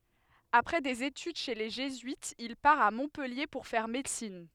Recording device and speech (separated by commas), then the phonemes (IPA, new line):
headset microphone, read sentence
apʁɛ dez etyd ʃe le ʒezyitz il paʁ a mɔ̃pɛlje puʁ fɛʁ medəsin